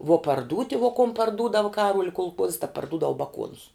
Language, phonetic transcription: Lithuanian, vuo parˈdūti vo kom parˈdūdav ˈkaruol' kulˈkuozs ta parˈdudav baˈkuonus

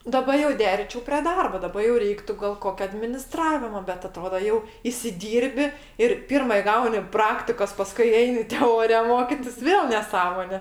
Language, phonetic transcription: Lithuanian, daˈba jau ˈderiyčiau prė ˈdarbo ˈdaba jau ˈreiktu gal ˈkokia adminiˈstravimo bet aˈtrodo jau isiˈdyrbi ir ˈpirma iˈgauni ˈpraktikos ˈpaskui ˈeini teˈorija ˈmokitis ˈvėl neˈsąmone

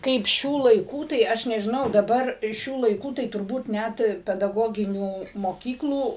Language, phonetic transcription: Lithuanian, ˈkaip ˈšių laiˈkų tai ˈaš nežiˈnau daˈbar ˈšių laiˈkų tai turˈbūt ˈnæt pedaˈgoginių moˈkyklų

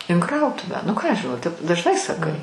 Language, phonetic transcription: Lithuanian, in ˈkrautuvę nu ˈką ˈaš žiˈnau tep dažˈnai saˈkai

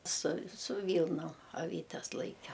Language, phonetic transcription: Lithuanian, su su ˈvylnom aˈvytes ˈlaike

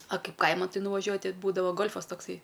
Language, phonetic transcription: Lithuanian, a ˈkaip ˈkaiman ˈtai nuvaˈžiuoju te ˈbūdavo ˈgolfas tokˈsai

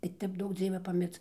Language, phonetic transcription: Lithuanian, tai ˈtep ˈduok ˈdzieve paˈmirc

